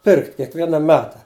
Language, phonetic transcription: Lithuanian, ˈpirkt kiekˈviena ˈmeta

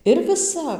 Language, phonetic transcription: Lithuanian, ir viˈsap

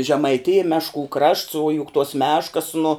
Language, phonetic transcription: Lithuanian, žemaiˈtija ˈmešˌkų krašts o juk tuos ˈmeškas nu

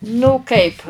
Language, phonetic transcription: Lithuanian, nu ˈkaip

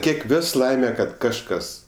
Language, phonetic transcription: Lithuanian, ˈkiek ˈvios ˈlaime kad kažˈkas

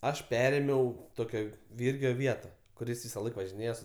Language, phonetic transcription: Lithuanian, ˈaš ˈperėmiau ˈtokio ˈvyrgio ˈvieta kuˈris visaˈlaik važiˈnėja su

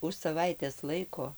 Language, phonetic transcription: Lithuanian, už saˈvaitės ˈlaiko

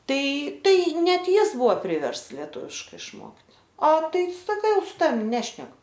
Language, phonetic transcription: Lithuanian, ˈtai ˈtai net ˈjis ˈbuvo ˈpriversts leˈtuviškai išˈmokt a ˈtai ˈsaka su ˈtavim ˈnešnek

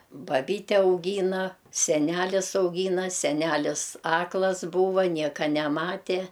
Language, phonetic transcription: Lithuanian, baˈbyte auˈgyna seˈnælis auˈgyna seˈnælis ˈaklas ˈbūva ˈnieka neˈmatė

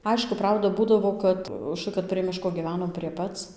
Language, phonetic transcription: Lithuanian, ˈaišku ˈprauda ˈbūdavo kad užˈtai kad prie ˈmiško gyˈvenom prie ˈpac

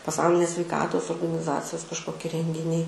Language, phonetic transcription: Lithuanian, paˈsaulinės sveiˈkatos organiˈzacijos kažˈkoki rengiˈniai

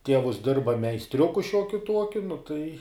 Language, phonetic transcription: Lithuanian, ˈtievus ˈdirba meisˈtriuku ˈšiuokiu ˈtuokiu nu tai

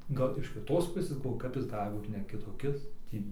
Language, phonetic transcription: Lithuanian, ˈgal iš kiˈtos ˈpusės galˈvoju ˈkap jis ˈgali ˈbūt ne kitoˈkis ˈtį

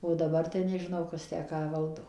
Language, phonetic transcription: Lithuanian, o daˈbar tai nežiˈnau ˈkas tę ˈką ˈvaldo

